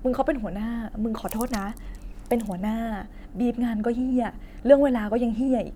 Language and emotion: Thai, frustrated